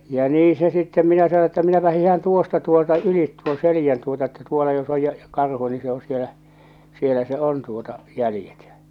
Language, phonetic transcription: Finnish, ja 'nii se sittem 'minä sano että » 'minäpä hihan "tuosta 'tuolta "ylit tuon "selijän tuota että 'tuola jos ‿oj ja , ja 'karhu ni se o sielä , 'sielä se "on tuota , 'jälⁱjet ja͕ « .
- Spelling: ja niin se sitten minä sanoin että minäpä hiihdän tuosta tuolta yli tuon selän tuota että tuolla jos on ja ja karhu niin se on siellä siellä se on tuota jäljet ja

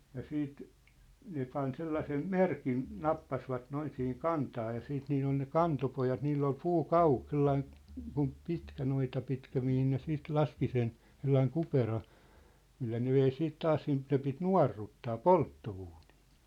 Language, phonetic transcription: Finnish, ja 'siit , 'ne pan 'sellasem "merkin , "nappasvat 'noin sihiŋ "kantaa ja 'siit 'niill ‿on̳ ne "kantopojat 'niill ‿ol "puu"kauhᴀ , "sellaĭn , kum "pitkä 'noita pitkä 'mihin ne 'siit "laski sen , 'sellaiŋ "kupera , 'millä ne vei 'siit 'taas siint ne pit "nua̭rruttaa , "poltto₍uunɪɪ .
- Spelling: ja sitten ne pani sellaisen merkin nappasivat noin siihen kantaan ja siitä niillä on ne kantopojat niillä oli puukauha sellainen kun pitkä noita pitkä mihin ne sitten laski sen sellainen kupera millä ne vei sitten taas siitä ne piti nuorruttaa polttouuniin

